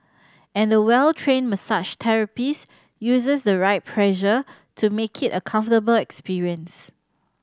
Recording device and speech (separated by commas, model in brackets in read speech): standing microphone (AKG C214), read sentence